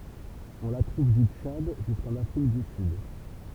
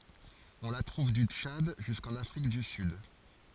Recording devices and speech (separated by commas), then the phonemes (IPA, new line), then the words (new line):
temple vibration pickup, forehead accelerometer, read sentence
ɔ̃ la tʁuv dy tʃad ʒyskɑ̃n afʁik dy syd
On la trouve du Tchad jusqu'en Afrique du Sud.